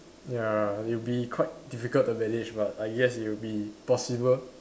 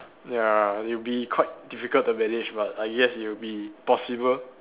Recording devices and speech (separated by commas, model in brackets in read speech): standing microphone, telephone, conversation in separate rooms